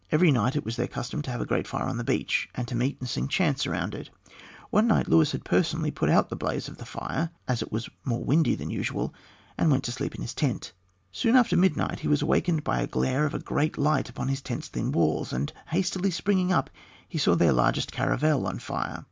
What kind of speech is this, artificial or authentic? authentic